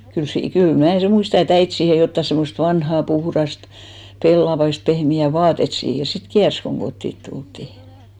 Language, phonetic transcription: Finnish, kyl 'sii- , kyl 'mnä̀ 'sem muista e't ‿äit siihe jotta 'semmost 'vanhà 'puhrast , 'pellavaist , 'pehmi₍ä̀ "vaatet siihes sit "kiärs koŋ 'ɢottit tulttì .
- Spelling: kyllä - kyllä minä sen muistan että äiti siihen jotakin semmoista vanhaa puhdasta pellavaista pehmeää vaatetta siihen sitten kiersi kun kotiin tultiin

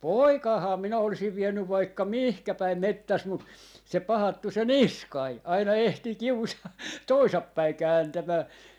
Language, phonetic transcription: Finnish, "poikaahaa 'minä 'olisiv 'viennyv 'vaikka "mihkä päim "mettäs mut , se 'pahattu 'se "Niskai , aina 'ehtii 'kiusaa "toisap päi 'kääntämää .
- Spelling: poikaahan minä olisin vienyt vaikka mihin päin metsässä mutta se pahattu se Niskanen aina ehtii kiusaa - toisinpäin kääntämään

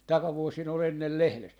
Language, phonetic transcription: Finnish, 'takavuosin ‿ol 'ennel "lehles .
- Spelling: takavuosina oli ennen lehdessä

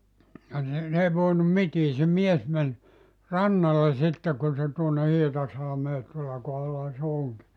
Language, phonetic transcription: Finnish, ja ni , n ‿ei 'voinum "mitii se 'mies men , "rannale 'sitte kun se tuonne 'Hietasalᵃmee 'tuolla kohallaha se 'oŋki ,.
- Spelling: ja niin ne ei voinut mitään se mies meni rannalle sitten kun se tuonne Hietasalmeen tuolla kohdallahan se onkin

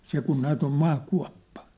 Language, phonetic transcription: Finnish, 'se kun 'näät ‿om 'ma'kua̭ppa .
- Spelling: se kun näet on maakuoppa

